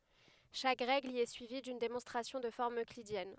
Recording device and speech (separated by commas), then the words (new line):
headset microphone, read sentence
Chaque règle y est suivie d'une démonstration de forme euclidienne.